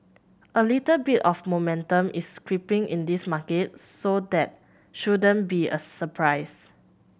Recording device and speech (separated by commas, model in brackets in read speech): boundary microphone (BM630), read sentence